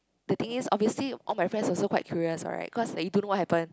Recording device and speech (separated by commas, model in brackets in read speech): close-talking microphone, conversation in the same room